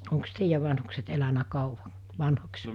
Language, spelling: Finnish, onko teidän vanhukset elänyt kauan vanhoiksi
- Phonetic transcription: oŋks 'teijäv vanhukset elänä 'kàuva , 'vanho͕ks ?

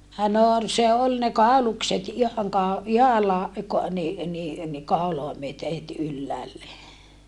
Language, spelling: Finnish, no oli se oli ne kaulukset ihan - ihalla niin niin niin kaulaa myöten heti ylhäälle
- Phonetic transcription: no ol se ol ne kàulukset ihaŋ kao- , ihalla ni , ni , ni kàuloa myöte het ylläälle .

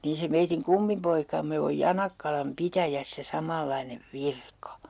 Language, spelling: Finnish, niin se meidän kummipoikamme on Janakkalan pitäjässä samanlainen virka
- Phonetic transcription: niin̬ se meitiŋ 'kummipoikamme oj "Janakkalam "pitäjässä 'samallainev "virka .

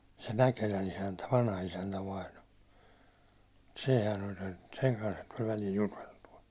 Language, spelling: Finnish, se Mäkelän isäntä vanhaisäntä vainaja sehän oli sen sen kanssahan tuli välillä juteltua
- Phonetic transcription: se 'Mäkelän ‿isäntä , vanha₍isäntä 'vaino , 'sehän ‿oĺ sen- , seŋ kanshan tuĺ välil 'juteltu₍a .

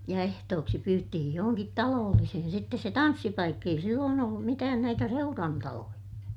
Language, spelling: Finnish, ja ehtooksi pyyttiin johonkin talollisiin sitten se tanssipaikka ei silloin ollut mitään näitä seurantaloja
- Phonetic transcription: ja ehtooksi pyyttihij johoŋkit taloollisihin sittes se tanssipaikk ‿ei silloon ‿ollum mitään näitä seurantaloja .

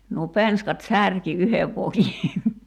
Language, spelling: Finnish, nuo penskat särki yhden vokin
- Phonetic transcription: nuo "penskat "särki 'yhev 'voki .

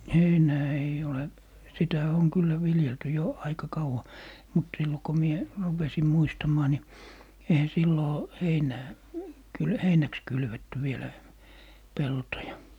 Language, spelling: Finnish, heinää ei ole sitä on kyllä viljelty jo aika kauan mutta silloin kun minä rupesin muistamaan niin eihän silloin heinää kyllä heinäksi kylvetty vielä peltoja
- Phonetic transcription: "heinää eij ‿ole , 'sitä oŋ 'kyllä 'viljelty jo , 'aika "kauwa , mut 'sillo ko 'mie , 'rupesi "muistamaa ni , 'eihä 'silloo , "heinää , kyl "heinäks 'kylvetty 'vielä , "peltoja .

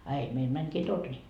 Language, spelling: Finnish, a ei meillä menikin torni
- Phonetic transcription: a ei meil 'mäŋkii "torni .

